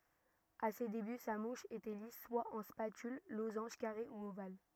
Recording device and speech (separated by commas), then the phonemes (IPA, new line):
rigid in-ear microphone, read sentence
a se deby sa muʃ etɛ lis swa ɑ̃ spatyl lozɑ̃ʒ kaʁe u oval